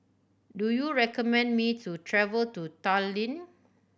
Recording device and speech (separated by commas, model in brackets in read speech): boundary microphone (BM630), read sentence